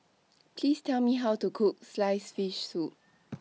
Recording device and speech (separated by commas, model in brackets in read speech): mobile phone (iPhone 6), read sentence